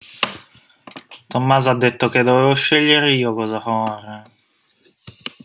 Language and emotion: Italian, sad